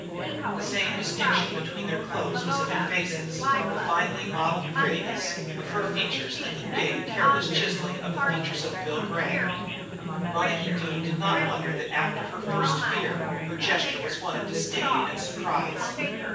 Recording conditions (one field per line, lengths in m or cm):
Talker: one person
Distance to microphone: 9.8 m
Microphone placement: far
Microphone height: 1.8 m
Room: large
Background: babble